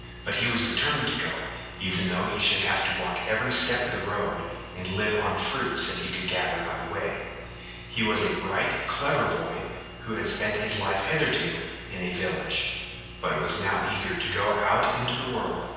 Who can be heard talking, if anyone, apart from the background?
One person.